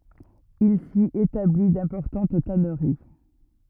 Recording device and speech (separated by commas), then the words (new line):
rigid in-ear microphone, read sentence
Il s'y établit d'importantes tanneries.